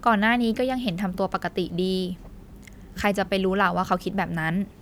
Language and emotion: Thai, neutral